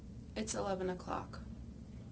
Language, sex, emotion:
English, female, sad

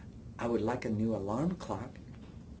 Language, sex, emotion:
English, male, neutral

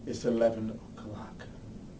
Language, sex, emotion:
English, male, neutral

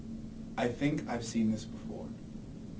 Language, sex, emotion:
English, male, neutral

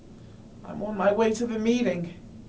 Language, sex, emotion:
English, male, fearful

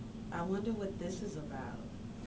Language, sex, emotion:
English, female, neutral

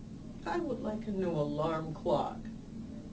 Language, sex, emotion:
English, female, sad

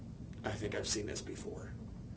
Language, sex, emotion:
English, male, neutral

